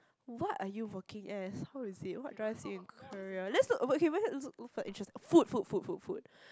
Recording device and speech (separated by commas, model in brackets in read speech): close-talking microphone, conversation in the same room